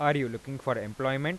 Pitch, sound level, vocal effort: 135 Hz, 91 dB SPL, normal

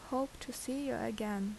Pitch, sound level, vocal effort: 255 Hz, 76 dB SPL, normal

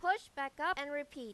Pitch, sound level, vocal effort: 290 Hz, 97 dB SPL, very loud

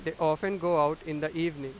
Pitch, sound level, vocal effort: 160 Hz, 96 dB SPL, loud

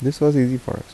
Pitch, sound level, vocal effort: 130 Hz, 78 dB SPL, soft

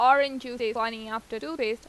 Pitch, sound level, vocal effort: 245 Hz, 92 dB SPL, loud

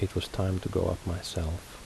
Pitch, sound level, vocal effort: 90 Hz, 71 dB SPL, soft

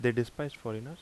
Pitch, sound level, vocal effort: 120 Hz, 82 dB SPL, normal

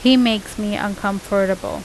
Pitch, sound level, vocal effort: 205 Hz, 86 dB SPL, normal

